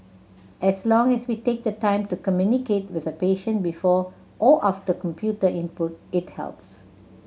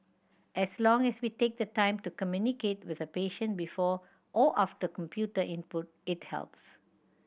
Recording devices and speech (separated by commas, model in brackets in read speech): mobile phone (Samsung C7100), boundary microphone (BM630), read sentence